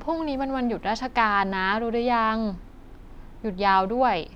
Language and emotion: Thai, neutral